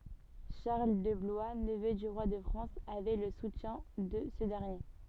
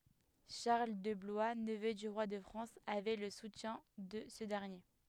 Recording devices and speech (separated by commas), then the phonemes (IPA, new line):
soft in-ear microphone, headset microphone, read sentence
ʃaʁl də blwa nəvø dy ʁwa də fʁɑ̃s avɛ lə sutjɛ̃ də sə dɛʁnje